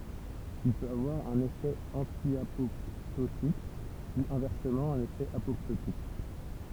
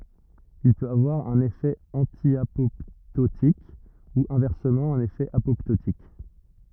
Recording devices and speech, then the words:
temple vibration pickup, rigid in-ear microphone, read sentence
Il peut avoir un effet antiapoptotique, ou, inversement, un effet apoptotique.

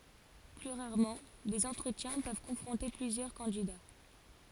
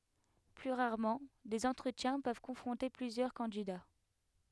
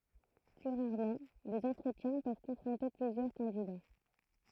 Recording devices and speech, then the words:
forehead accelerometer, headset microphone, throat microphone, read sentence
Plus rarement, des entretiens peuvent confronter plusieurs candidats.

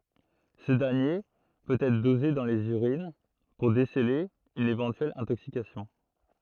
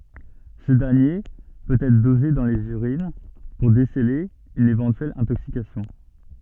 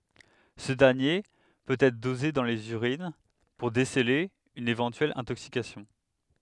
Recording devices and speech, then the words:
throat microphone, soft in-ear microphone, headset microphone, read sentence
Ce dernier peut être dosé dans les urines pour déceler une éventuelle intoxication.

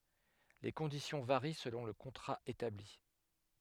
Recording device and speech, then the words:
headset microphone, read sentence
Les conditions varient selon le contrat établi.

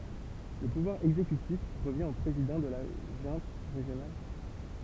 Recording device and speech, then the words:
temple vibration pickup, read sentence
Le pouvoir exécutif revient au président de la junte régionale.

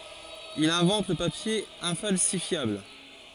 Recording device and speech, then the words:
forehead accelerometer, read sentence
Il invente le papier infalsifiable.

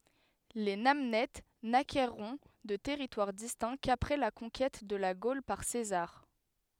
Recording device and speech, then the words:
headset microphone, read sentence
Les Namnètes n'acquerront de territoire distinct qu'après la conquête de la Gaule par César.

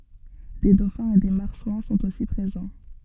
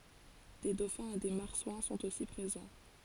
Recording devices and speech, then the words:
soft in-ear microphone, forehead accelerometer, read sentence
Des dauphins et des marsouins sont aussi présents.

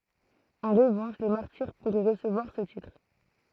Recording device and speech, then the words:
throat microphone, read sentence
En revanche les martyrs pourraient recevoir ce titre.

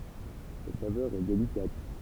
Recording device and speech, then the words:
temple vibration pickup, read sentence
Sa saveur est délicate.

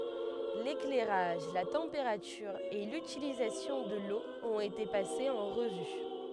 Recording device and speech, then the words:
headset microphone, read sentence
L'éclairage, la température et l'utilisation de l'eau ont été passés en revue.

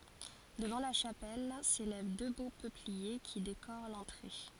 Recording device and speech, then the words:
forehead accelerometer, read sentence
Devant la chapelle s’élèvent deux beaux peupliers qui décorent l’entrée.

